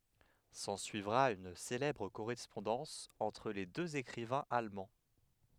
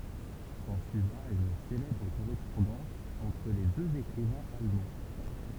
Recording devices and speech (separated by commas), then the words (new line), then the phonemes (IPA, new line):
headset microphone, temple vibration pickup, read sentence
S'ensuivra une célèbre correspondance entre les deux écrivains allemands.
sɑ̃syivʁa yn selɛbʁ koʁɛspɔ̃dɑ̃s ɑ̃tʁ le døz ekʁivɛ̃z almɑ̃